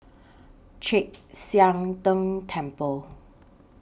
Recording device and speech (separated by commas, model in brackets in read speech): boundary microphone (BM630), read sentence